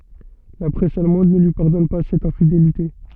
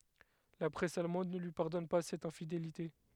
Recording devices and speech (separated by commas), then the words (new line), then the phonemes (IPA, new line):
soft in-ear microphone, headset microphone, read sentence
La presse allemande ne lui pardonne pas cette infidélité.
la pʁɛs almɑ̃d nə lyi paʁdɔn pa sɛt ɛ̃fidelite